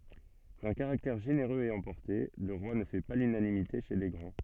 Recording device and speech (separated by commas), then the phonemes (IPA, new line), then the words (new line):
soft in-ear microphone, read sentence
dœ̃ kaʁaktɛʁ ʒeneʁøz e ɑ̃pɔʁte lə ʁwa nə fɛ pa lynanimite ʃe le ɡʁɑ̃
D'un caractère généreux et emporté, le roi ne fait pas l'unanimité chez les grands.